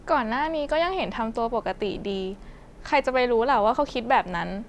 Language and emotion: Thai, neutral